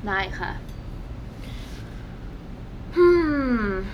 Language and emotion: Thai, frustrated